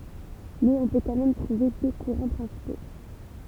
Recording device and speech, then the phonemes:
temple vibration pickup, read sentence
mɛz ɔ̃ pø kɑ̃ mɛm tʁuve dø kuʁɑ̃ pʁɛ̃sipo

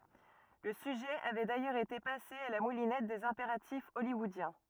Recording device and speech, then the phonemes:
rigid in-ear microphone, read sentence
lə syʒɛ avɛ dajœʁz ete pase a la mulinɛt dez ɛ̃peʁatif ɔljwɔodjɛ̃

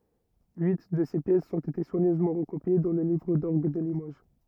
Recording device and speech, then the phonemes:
rigid in-ear microphone, read sentence
yi də se pjɛsz ɔ̃t ete swaɲøzmɑ̃ ʁəkopje dɑ̃ lə livʁ dɔʁɡ də limoʒ

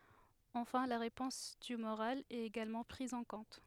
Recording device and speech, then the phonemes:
headset microphone, read sentence
ɑ̃fɛ̃ la ʁepɔ̃s tymoʁal ɛt eɡalmɑ̃ pʁiz ɑ̃ kɔ̃t

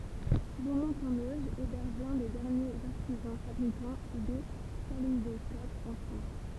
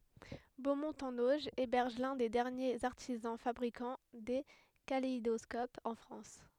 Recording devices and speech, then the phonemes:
temple vibration pickup, headset microphone, read sentence
bomɔ̃t ɑ̃n oʒ ebɛʁʒ lœ̃ de dɛʁnjez aʁtizɑ̃ fabʁikɑ̃ de kaleidɔskopz ɑ̃ fʁɑ̃s

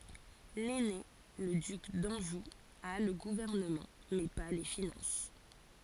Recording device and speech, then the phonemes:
forehead accelerometer, read sentence
lɛne lə dyk dɑ̃ʒu a lə ɡuvɛʁnəmɑ̃ mɛ pa le finɑ̃s

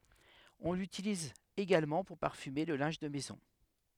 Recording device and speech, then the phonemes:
headset microphone, read sentence
ɔ̃ lytiliz eɡalmɑ̃ puʁ paʁfyme lə lɛ̃ʒ də mɛzɔ̃

